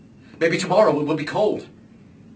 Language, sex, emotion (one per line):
English
male
neutral